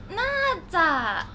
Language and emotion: Thai, happy